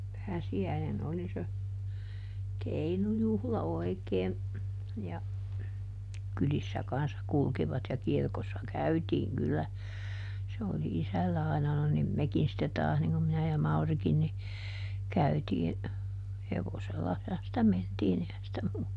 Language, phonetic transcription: Finnish, ˈpääsi₍äinen ˈoli se , "keinujuhla ˈoi̮kee , ja , ˈkylissä kanssa ˈkulkivat ja ˈkirkossa "käytiiŋ kyllä , se oli ˈisällä aina - no nim "mekin sitte ˈtaas niŋ kum ˈminä ja ˈMaurikin ni , ˈkäytii , ˈhevosellahan sⁱtä ˈmentiin ‿ehän sⁱtä muu(lla) .
- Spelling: pääsiäinen oli se keinujuhla oikein ja kylissä kanssa kulkivat ja kirkossa käytiin kyllä se oli isällä aina no niin mekin sitten taas niin kuin minä ja Maurikin niin käytiin hevosellahan sitä mentiin eihän sitä muulla

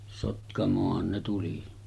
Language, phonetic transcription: Finnish, 'Sotkamooh̆han ne tuli .
- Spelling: Sotkamoonhan ne tuli

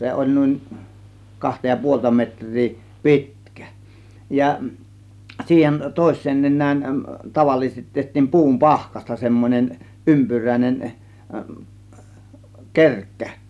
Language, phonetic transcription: Finnish, 'se oĺ nùin , 'kahta ja 'puolta metŕ̆rii , "pi̬tkÄ , 'ja , siihen 'tòės̆seen 'nen̆nään tavallisestit 'teht̆tiim "pu̬um "pahkasta semmońen , 'ympyrä̀ĭn͕en , "kerkkä .
- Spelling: se oli niin kahta ja puolta metriä pitkä ja siihen toiseen nenään tavallisesti tehtiin puun pahkasta semmoinen ympyräinen kerkkä

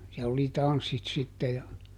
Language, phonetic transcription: Finnish, siɛll ‿oli "tanssit ˈsitte ja ,.
- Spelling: siellä oli tanssit sitten ja

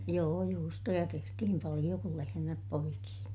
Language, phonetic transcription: Finnish, joo , juustoja tehtihim paliʲo kul lehemäp poikii .
- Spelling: joo juustoja tehtiin paljon kun lehmät poiki

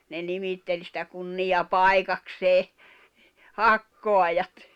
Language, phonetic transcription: Finnish, ne 'nimitteĺ sⁱtä 'kunnija'pai̬kaksee , "hakkoajat .
- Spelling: ne nimitteli sitä kunniapaikakseen hakkaajat

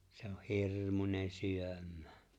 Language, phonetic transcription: Finnish, 'se ‿oh "hirrmune "syömmᴀ̈ᴀ̈ .
- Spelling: se on hirmuinen syömään

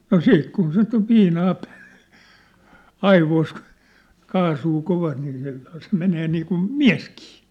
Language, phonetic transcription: Finnish, no "siit kun 'sit ‿ov 'viinaa pᴀ̈ᴀ̈(ssᴀ̈) , 'aivois kᴜ , 'kaasuu 'kovast nii se , se 'menee niikun , "miä̭skɪɪ .
- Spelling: no sitten kun sitä on viinaa päässä aivoissa kun kaasua kovasti niin se se menee niin kuin mieskin

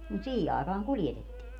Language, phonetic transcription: Finnish, mut "siihi àekaaŋ "kuljetettii .
- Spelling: mutta siihen aikaan kuljetettiin

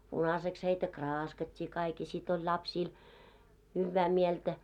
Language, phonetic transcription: Finnish, punaseks heitä "kraaskat́t́ii kaik ja sit ‿oĺ 'lapsiil , 'hyvvää 'mieltä .
- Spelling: punaiseksi heitä kraaskattiin kaikki ja sitten oli lapsilla hyvää mieltä

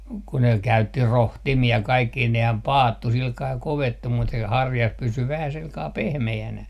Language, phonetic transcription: Finnish, ku ne 'käytti "rohtimi₍a 'kaikki 'nehäm "paattu silkaa 'kovettu mut se 'harjas 'pysy vähä 'silkaa "pehme₍änä .
- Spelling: kun ne käytti rohtimia kaikki nehän paattui sillä kalella kovettui mutta se harjas pysyi vähän sillä kalella pehmeänä

